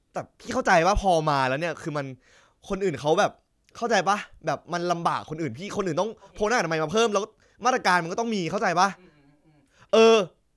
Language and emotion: Thai, angry